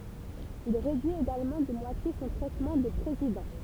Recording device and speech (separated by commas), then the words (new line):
temple vibration pickup, read sentence
Il réduit également de moitié son traitement de président.